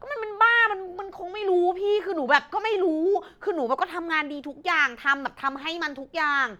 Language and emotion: Thai, frustrated